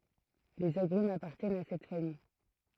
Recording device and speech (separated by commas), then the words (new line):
throat microphone, read sentence
Les agrumes appartiennent à cette famille.